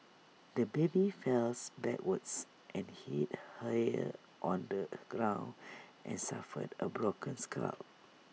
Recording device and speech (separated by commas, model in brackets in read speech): mobile phone (iPhone 6), read sentence